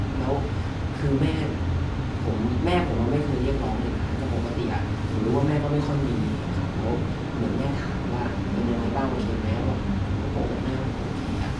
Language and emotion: Thai, frustrated